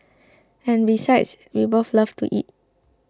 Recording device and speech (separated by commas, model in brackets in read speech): close-talking microphone (WH20), read sentence